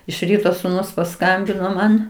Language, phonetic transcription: Lithuanian, iš ˈryto suˈnus paˈskambino ˈman

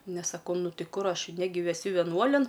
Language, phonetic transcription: Lithuanian, ˈnes saˈkau ˈnu ˈti ˈkur ˈaš ˈnegi veˈsiu veˈnuolin

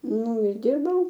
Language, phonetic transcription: Lithuanian, ˈnu ir ˈdirbau

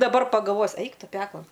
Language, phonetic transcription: Lithuanian, daˈbar pagalˈvojus ˈeik ˈtu ˈpeklan

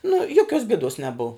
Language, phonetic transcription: Lithuanian, nu ˈjoˌkios bėˈdos neˈbuv

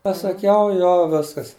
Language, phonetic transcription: Lithuanian, pasaˈkiau ˈjo ˈviskas

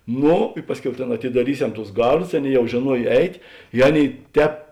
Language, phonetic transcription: Lithuanian, ˈno i ˈpasˌkiau ˈtėn atidaˈryˌsem tus ˈgarˌdus ˈaˌnėi ˈjau žėˈnuoj ˈeit' i ˈaˌnėi ˈtēp

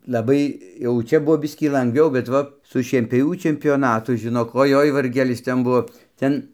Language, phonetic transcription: Lithuanian, laˈbai jau ˈčia ˈbuvo ˈbiskį langˈviau bet ˈva su šienpioˈvių čempioˈnatu žiˈnok oˈjoi varˈgelis ˈten ˈbuvo ˈten

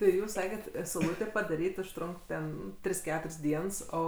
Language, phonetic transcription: Lithuanian, tai ˈjūs ˈsaket sauˈlūtė padaˈryt' užˈtrunk ten ˈtris ˈketur's' ˈdiens ˈo

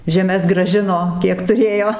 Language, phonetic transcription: Lithuanian, žeˈmes graˈžino ˈkiek tuˈrėjo

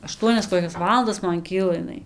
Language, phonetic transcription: Lithuanian, aˈštuonias koˈkias ˈvalandas ˈman ˈkyla iˈnai

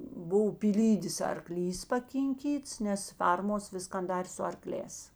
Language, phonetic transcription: Lithuanian, ˈbuv pyˈlydės arˈklys pakinˈkyts nes ˈfermos ˈviskan ˈdarė su arˈklēs

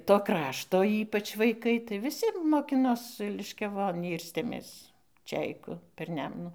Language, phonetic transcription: Lithuanian, to ˈkrašto ˈypač vaiˈkai tai viˈsi moˈkinos liškiaˈvon ˈyrstėmės ˈčeiku per ˈnemnų

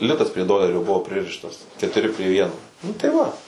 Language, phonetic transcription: Lithuanian, ˈlitas prie ˈdolerio ˈbuvo ˈpririštas ketuˈri pri ˈvieno nu tai ˈva

